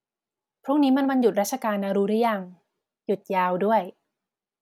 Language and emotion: Thai, neutral